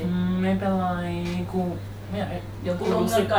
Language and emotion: Thai, frustrated